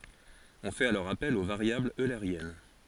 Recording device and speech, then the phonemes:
forehead accelerometer, read sentence
ɔ̃ fɛt alɔʁ apɛl o vaʁjablz øleʁjɛn

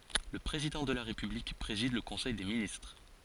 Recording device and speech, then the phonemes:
forehead accelerometer, read sentence
lə pʁezidɑ̃ də la ʁepyblik pʁezid lə kɔ̃sɛj de ministʁ

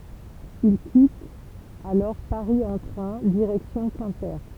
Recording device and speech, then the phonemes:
temple vibration pickup, read sentence
il kitt alɔʁ paʁi ɑ̃ tʁɛ̃ diʁɛksjɔ̃ kɛ̃pe

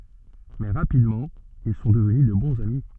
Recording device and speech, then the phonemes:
soft in-ear microphone, read sentence
mɛ ʁapidmɑ̃ il sɔ̃ dəvny də bɔ̃z ami

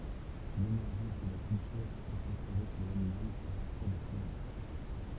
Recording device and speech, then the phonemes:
temple vibration pickup, read sentence
lemɛʁʒɑ̃s də la kyltyʁ ɛt ɔbsɛʁve ʃe lanimal a paʁtiʁ de pʁimat

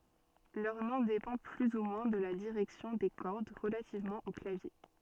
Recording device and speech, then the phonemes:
soft in-ear microphone, read sentence
lœʁ nɔ̃ depɑ̃ ply u mwɛ̃ də la diʁɛksjɔ̃ de kɔʁd ʁəlativmɑ̃ o klavje

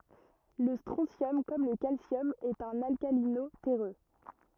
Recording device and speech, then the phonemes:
rigid in-ear microphone, read sentence
lə stʁɔ̃sjɔm kɔm lə kalsjɔm ɛt œ̃n alkalino tɛʁø

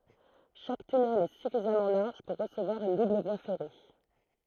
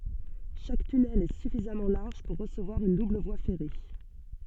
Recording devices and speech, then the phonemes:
throat microphone, soft in-ear microphone, read sentence
ʃak tynɛl ɛ syfizamɑ̃ laʁʒ puʁ ʁəsəvwaʁ yn dubl vwa fɛʁe

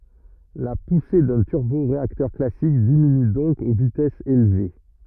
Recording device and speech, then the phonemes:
rigid in-ear microphone, read sentence
la puse dœ̃ tyʁboʁeaktœʁ klasik diminy dɔ̃k o vitɛsz elve

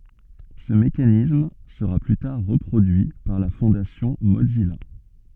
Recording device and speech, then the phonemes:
soft in-ear microphone, read sentence
sə mekanism səʁa ply taʁ ʁəpʁodyi paʁ la fɔ̃dasjɔ̃ mozija

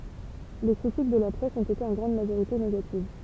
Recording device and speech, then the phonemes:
temple vibration pickup, read sentence
le kʁitik də la pʁɛs ɔ̃t ete ɑ̃ ɡʁɑ̃d maʒoʁite neɡativ

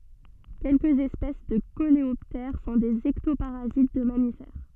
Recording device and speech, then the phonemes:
soft in-ear microphone, read sentence
kɛlkəz ɛspɛs də koleɔptɛʁ sɔ̃ dez ɛktopaʁazit də mamifɛʁ

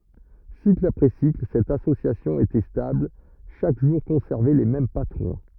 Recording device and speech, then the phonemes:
rigid in-ear microphone, read sentence
sikl apʁɛ sikl sɛt asosjasjɔ̃ etɛ stabl ʃak ʒuʁ kɔ̃sɛʁvɛ le mɛm patʁɔ̃

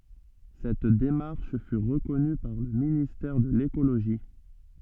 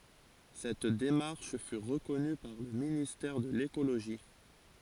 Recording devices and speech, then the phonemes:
soft in-ear microphone, forehead accelerometer, read sentence
sɛt demaʁʃ fy ʁəkɔny paʁ lə ministɛʁ də lekoloʒi

